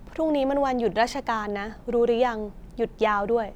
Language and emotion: Thai, neutral